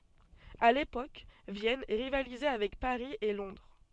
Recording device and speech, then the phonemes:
soft in-ear microphone, read sentence
a lepok vjɛn ʁivalizɛ avɛk paʁi e lɔ̃dʁ

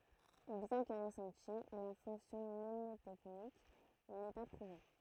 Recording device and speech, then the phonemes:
throat microphone, read sentence
bjɛ̃ kə ʁəsɑ̃ti la fɔ̃ksjɔ̃ mnemotɛknik nɛ pa pʁuve

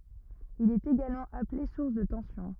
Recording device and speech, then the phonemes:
rigid in-ear microphone, read sentence
il ɛt eɡalmɑ̃ aple suʁs də tɑ̃sjɔ̃

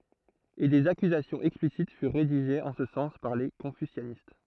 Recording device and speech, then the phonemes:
throat microphone, read sentence
e dez akyzasjɔ̃z ɛksplisit fyʁ ʁediʒez ɑ̃ sə sɑ̃s paʁ le kɔ̃fysjanist

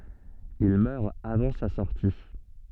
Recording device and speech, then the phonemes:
soft in-ear microphone, read sentence
il mœʁ avɑ̃ sa sɔʁti

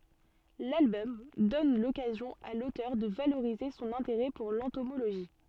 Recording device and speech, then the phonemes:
soft in-ear microphone, read sentence
lalbɔm dɔn lɔkazjɔ̃ a lotœʁ də valoʁize sɔ̃n ɛ̃teʁɛ puʁ lɑ̃tomoloʒi

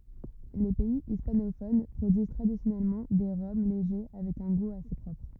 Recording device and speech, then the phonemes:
rigid in-ear microphone, read sentence
le pɛi ispanofon pʁodyiz tʁadisjɔnɛlmɑ̃ de ʁɔm leʒe avɛk œ̃ ɡu ase pʁɔpʁ

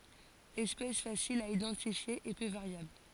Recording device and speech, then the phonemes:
forehead accelerometer, read sentence
ɛspɛs fasil a idɑ̃tifje e pø vaʁjabl

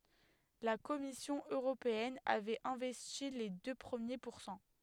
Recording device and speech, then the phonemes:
headset microphone, read sentence
la kɔmisjɔ̃ øʁopeɛn avɛt ɛ̃vɛsti le dø pʁəmje puʁsɑ̃

